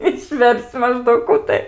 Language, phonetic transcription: Lithuanian, išˈver's'c' maˈždaug ˈkų tai

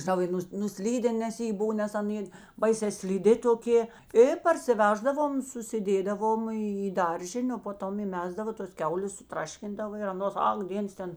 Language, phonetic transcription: Lithuanian, žiˈnau i ˈnus nuˈslyden nes ˈjė ˈbuv nes aˈnė ˈbaisē sliˈdi toˈkė i parsiˈveždavom susiˈdėdavom į į ˈdaržinė o po ˈtom įˈmesdavo tos ˈkiaulės suˈtraškindavo ir aˈnos ˈak ˈdėns ˈten

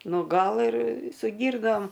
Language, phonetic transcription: Lithuanian, ˈnu ˈgal ir su ˈgyrnom

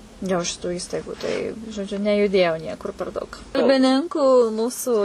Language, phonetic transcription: Lithuanian, jo šiˈtų ˈįstaigu tai žoˈdžiu nejuˈdėjau ˈniekur per ˈdaug kalbiˈninku ˈmūsu

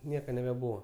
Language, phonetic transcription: Lithuanian, ˈnieka nebeˈbūva

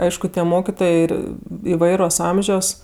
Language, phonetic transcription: Lithuanian, ˈaišku tie ˈmokitojė ˈir iˈvairos ˈamžios

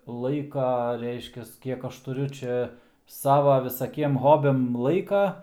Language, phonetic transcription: Lithuanian, ˈlaika ˈreiškias ˈkiek ˈaš tuˈriu ˈčia ˈsava visaˈkiem ˈhobiam ˈlaika

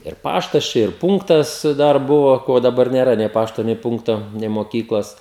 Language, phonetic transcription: Lithuanian, ir ˈpaštas ˈčia ir ˈpunktas ˈdar ˈbuvo ˈko daˈbar nėˈra nei ˈpašto nei ˈpunkto nei moˈkyklos

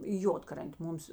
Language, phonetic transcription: Lithuanian, i ˈjodkrantė ˈmums

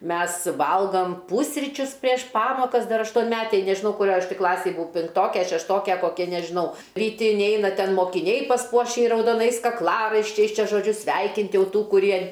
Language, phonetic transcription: Lithuanian, ˈmes ˈvalgom ˈpūsričius prieš ˈpamokas ˈdar aštonˈmetėj nežiˈnau kuˈrioj ˈaš tį ˈklasėj buˈau pinkˈtoke a šešˈtoke ˈkokia nežiˈnau ryˈti inˈeina ˈten mokiˈniai pasˈpuoši raudoˈnais kakˈlaraiščiais ˈčia žoˈdžiu ˈsveikint' ˈjau ˈtų kuˈrie

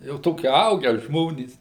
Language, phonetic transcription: Lithuanian, jau ˈtoki ˈaugę ˈžmonys

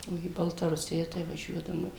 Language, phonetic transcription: Lithuanian, o į baltaˈrusija tai vaˈžiuodavom

